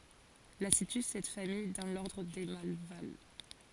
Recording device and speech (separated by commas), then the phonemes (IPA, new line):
forehead accelerometer, read sentence
la sity sɛt famij dɑ̃ lɔʁdʁ de malval